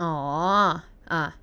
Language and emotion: Thai, neutral